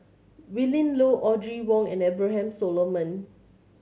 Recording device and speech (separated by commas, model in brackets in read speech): mobile phone (Samsung C7100), read sentence